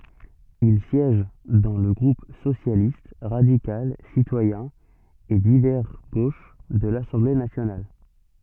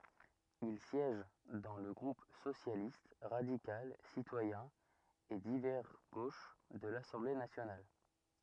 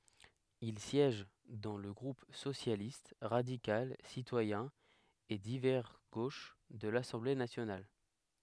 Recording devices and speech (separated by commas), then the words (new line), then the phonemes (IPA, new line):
soft in-ear microphone, rigid in-ear microphone, headset microphone, read sentence
Il siège dans le groupe Socialiste, radical, citoyen et divers gauche de l'Assemblée nationale.
il sjɛʒ dɑ̃ lə ɡʁup sosjalist ʁadikal sitwajɛ̃ e divɛʁ ɡoʃ də lasɑ̃ble nasjonal